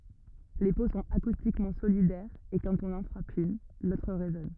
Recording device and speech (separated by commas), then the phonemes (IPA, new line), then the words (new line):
rigid in-ear microphone, read sentence
le po sɔ̃t akustikmɑ̃ solidɛʁz e kɑ̃t ɔ̃n ɑ̃ fʁap yn lotʁ ʁezɔn
Les peaux sont acoustiquement solidaires et quand on en frappe une, l'autre résonne.